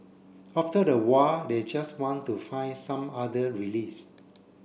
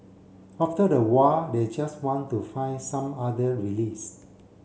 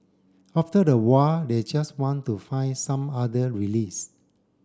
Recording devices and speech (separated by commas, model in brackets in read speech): boundary microphone (BM630), mobile phone (Samsung C7), standing microphone (AKG C214), read sentence